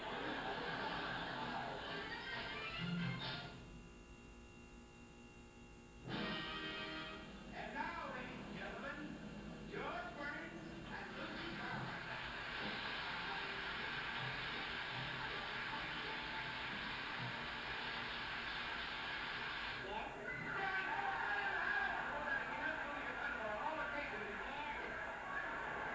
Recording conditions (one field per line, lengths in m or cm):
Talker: no one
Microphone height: 1.0 m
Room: large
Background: television